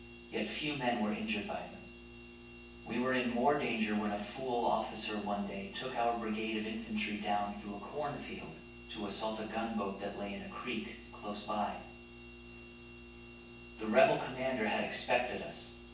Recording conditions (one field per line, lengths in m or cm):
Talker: one person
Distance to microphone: 9.8 m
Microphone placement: far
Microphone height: 1.8 m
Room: large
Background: none